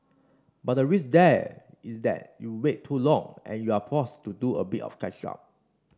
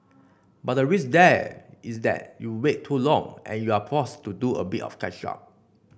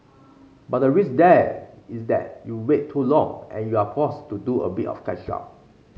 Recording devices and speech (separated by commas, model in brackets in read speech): standing microphone (AKG C214), boundary microphone (BM630), mobile phone (Samsung C5), read sentence